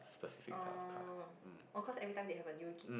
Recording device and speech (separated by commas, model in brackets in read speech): boundary microphone, conversation in the same room